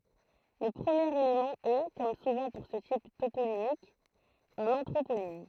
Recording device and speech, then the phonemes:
throat microphone, read sentence
lə pʁəmjeʁ elemɑ̃ ɛ kɔm suvɑ̃ puʁ sə tip toponimik œ̃n ɑ̃tʁoponim

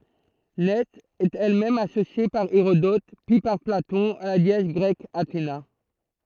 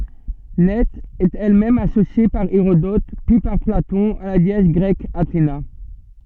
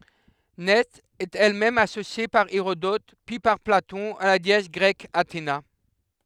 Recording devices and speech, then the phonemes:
throat microphone, soft in-ear microphone, headset microphone, read sentence
nɛ ɛt ɛl mɛm asosje paʁ eʁodɔt pyi paʁ platɔ̃ a la deɛs ɡʁɛk atena

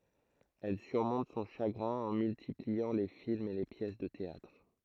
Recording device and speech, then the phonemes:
throat microphone, read sentence
ɛl syʁmɔ̃t sɔ̃ ʃaɡʁɛ̃ ɑ̃ myltipliɑ̃ le filmz e le pjɛs də teatʁ

